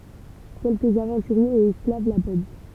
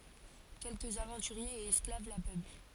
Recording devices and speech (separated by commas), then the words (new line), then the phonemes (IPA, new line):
temple vibration pickup, forehead accelerometer, read sentence
Quelques aventuriers et esclaves la peuplent.
kɛlkəz avɑ̃tyʁjez e ɛsklav la pøpl